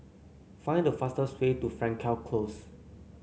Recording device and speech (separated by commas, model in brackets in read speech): mobile phone (Samsung C9), read sentence